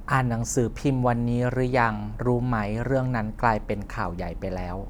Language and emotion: Thai, neutral